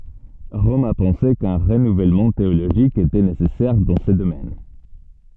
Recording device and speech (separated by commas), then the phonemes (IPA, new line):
soft in-ear microphone, read sentence
ʁɔm a pɑ̃se kœ̃ ʁənuvɛlmɑ̃ teoloʒik etɛ nesɛsɛʁ dɑ̃ sə domɛn